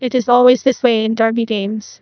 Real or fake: fake